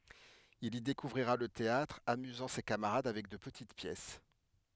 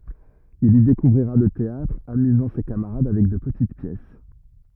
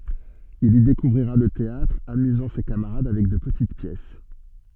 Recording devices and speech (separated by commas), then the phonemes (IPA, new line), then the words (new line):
headset microphone, rigid in-ear microphone, soft in-ear microphone, read sentence
il i dekuvʁiʁa lə teatʁ amyzɑ̃ se kamaʁad avɛk də pətit pjɛs
Il y découvrira le théâtre, amusant ses camarades avec de petites pièces.